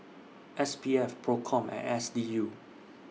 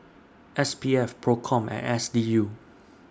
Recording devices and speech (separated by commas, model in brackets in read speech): mobile phone (iPhone 6), standing microphone (AKG C214), read sentence